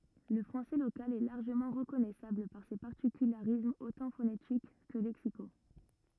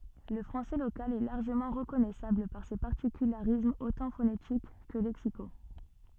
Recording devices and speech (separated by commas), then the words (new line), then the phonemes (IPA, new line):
rigid in-ear microphone, soft in-ear microphone, read sentence
Le français local est largement reconnaissable par ses particularismes autant phonétiques que lexicaux.
lə fʁɑ̃sɛ lokal ɛ laʁʒəmɑ̃ ʁəkɔnɛsabl paʁ se paʁtikylaʁismz otɑ̃ fonetik kə lɛksiko